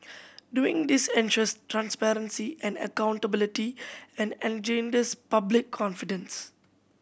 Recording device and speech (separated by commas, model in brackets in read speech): boundary microphone (BM630), read sentence